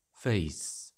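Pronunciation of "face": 'Face' is said with a standard southern British vowel: a closing diphthong that ends in a glide.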